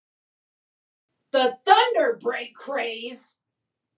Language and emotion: English, angry